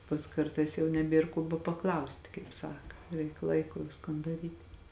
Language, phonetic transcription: Lithuanian, pas ˈkartais jau neˈbėr ko bapaˈklausti kaip ˈsaka ˈreik ˈlaiku ˈviskon daˈryt'

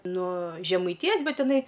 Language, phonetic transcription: Lithuanian, nuo žemaiˈtijos ˈbet iˈnai

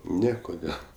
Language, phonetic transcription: Lithuanian, ˈne ˈkodėl

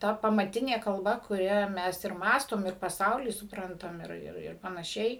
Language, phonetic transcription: Lithuanian, ˈta pamaˈtinė kalˈba kuˈria ˈmes ir ˈmąstom ir paˈsaulį supˈrantam ir ir ir panaˈšiai

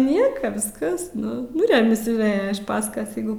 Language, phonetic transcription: Lithuanian, ˈnieka ˈviskas ˈnu nu remis jau ˈvėja iš ˈpaskas ˈjeigu

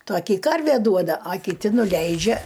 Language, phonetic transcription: Lithuanian, ˈtoki ˈkarvė ˈduoda a kiˈti nuˈleidžia

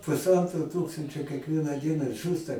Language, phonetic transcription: Lithuanian, pusˈantro ˈtūkstančio kiekˈvieną ˈdieną ˈžūsta

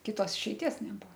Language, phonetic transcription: Lithuanian, kiˈtos išeiˈties neˈbuvo

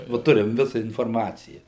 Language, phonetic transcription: Lithuanian, ˈva ˈturim ˈvisa inforˈmacija

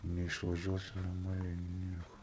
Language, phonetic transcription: Lithuanian, neišvaˈžiuosi norˈmaliai ˈnieku

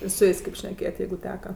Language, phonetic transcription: Lithuanian, i su ˈjės' kėp šneˈkėjat' ˈjeigu ˈteka

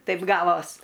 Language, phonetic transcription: Lithuanian, ˈtaip ˈgavos

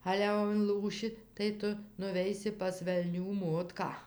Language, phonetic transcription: Lithuanian, ˈale jau inˈlūši tai ˈtu nuˈveisi pas velˈnių ˈmotką

